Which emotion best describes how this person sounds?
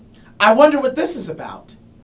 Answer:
angry